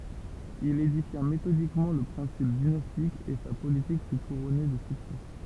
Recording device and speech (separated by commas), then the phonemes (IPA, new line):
temple vibration pickup, read sentence
il edifja metodikmɑ̃ lə pʁɛ̃sip dinastik e sa politik fy kuʁɔne də syksɛ